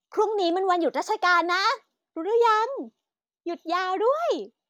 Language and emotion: Thai, happy